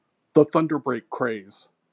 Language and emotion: English, disgusted